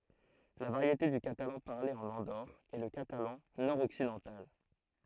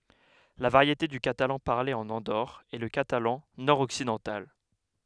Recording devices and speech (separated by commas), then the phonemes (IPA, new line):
throat microphone, headset microphone, read sentence
la vaʁjete dy katalɑ̃ paʁle ɑ̃n ɑ̃doʁ ɛ lə katalɑ̃ nɔʁ ɔksidɑ̃tal